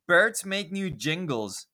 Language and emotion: English, disgusted